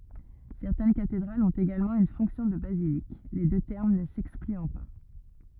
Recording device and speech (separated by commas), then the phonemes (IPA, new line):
rigid in-ear microphone, read sentence
sɛʁtɛn katedʁalz ɔ̃t eɡalmɑ̃ yn fɔ̃ksjɔ̃ də bazilik le dø tɛʁm nə sɛksklyɑ̃ pa